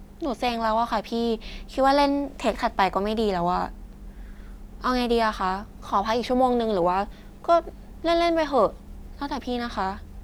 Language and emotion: Thai, frustrated